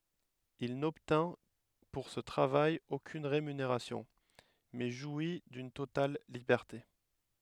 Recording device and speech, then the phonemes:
headset microphone, read sentence
il nɔbtɛ̃ puʁ sə tʁavaj okyn ʁemyneʁasjɔ̃ mɛ ʒwi dyn total libɛʁte

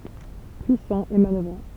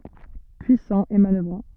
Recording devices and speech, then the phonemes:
temple vibration pickup, soft in-ear microphone, read sentence
pyisɑ̃ e manœvʁɑ̃

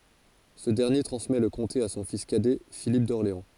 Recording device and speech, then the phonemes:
forehead accelerometer, read sentence
sə dɛʁnje tʁɑ̃smɛ lə kɔ̃te a sɔ̃ fis kadɛ filip dɔʁleɑ̃

